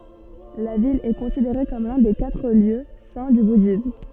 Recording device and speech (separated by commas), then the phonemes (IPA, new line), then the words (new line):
soft in-ear microphone, read sentence
la vil ɛ kɔ̃sideʁe kɔm lœ̃ de katʁ ljø sɛ̃ dy budism
La ville est considérée comme l'un des quatre lieux saints du bouddhisme.